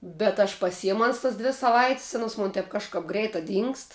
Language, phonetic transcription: Lithuanian, bet aš paˈsijamu ˈans tas ˈdvi saˈvait's' ˈanos ˈmun tep kažˈkap ˈgreita ˈdyngst

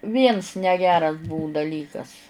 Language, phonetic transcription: Lithuanian, ˈviens neˈgeras ˈbuu daˈlykas

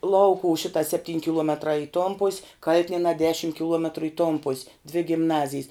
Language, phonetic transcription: Lithuanian, ˈlaukuv ˈšita sepˈtyn' kiˈluometrā i ton pus' ˈkal'tinienā ˈdešim kiˈluometru i ton pus' dvi gimˈnazijs

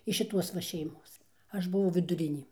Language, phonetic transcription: Lithuanian, iš šiˈtuos va šeiˈmos ˈaš buˈvau viduˈrinė

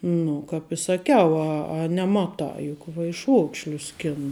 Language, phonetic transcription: Lithuanian, ˈnu kap i saˈkiau a a neˈmatā juk vaiˈšuokšlius ˈskenu

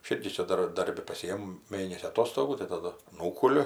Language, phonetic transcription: Lithuanian, aš ˈirgi ˈčia ˈdar ˈdarbi paˈsijem ˈmėnesį aˈtostogų tai taˈdu ˈnūkuliu

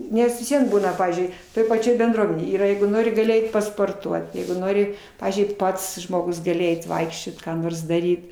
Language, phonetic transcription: Lithuanian, ˈnes vis ˈvien ˈbūna ˈpavyzdžiui toj paˈčioj benˈdruomenėj ˈyra ˈjeigu ˈnori gaˈli ˈeit pasporˈtuot ˈjeigu ˈnori ˈpavyzdžiui ˈpats žmoˈgus gaˈli ˈeit ˈvaikščiot ką ˈnors ˈdaryt

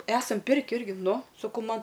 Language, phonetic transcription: Lithuanian, ˈesam ˈpirki ˈirgi ˈnu saˈkau ˈman

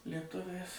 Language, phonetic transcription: Lithuanian, lieˈtuviais

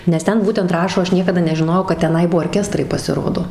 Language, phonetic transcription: Lithuanian, nes ˈten ˈbūtent ˈrašo ˈaš ˈniekada nežiˈnojau kad teˈnai ˈbuvo orˈkestrai pasiˈrodo

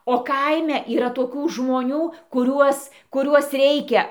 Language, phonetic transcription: Lithuanian, o ˈkaime yˈra toˈkių žmoˈnių kuˈriuos kuˈriuos ˈreikia

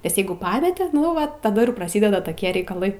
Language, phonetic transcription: Lithuanian, nes ˈjeigu ˈpameti nu ˈva taˈda ir praˈsideda toˈkie reikaˈlai

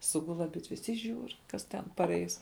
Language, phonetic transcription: Lithuanian, ˈsugul aˈbidves i ˈžiūr ˈkas ten paˈreis

